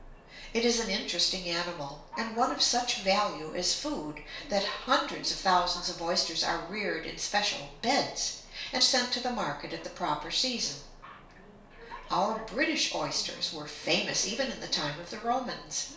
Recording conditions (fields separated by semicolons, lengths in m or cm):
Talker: one person; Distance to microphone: 1.0 m; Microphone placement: close; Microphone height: 1.1 m; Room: small (3.7 m by 2.7 m); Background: television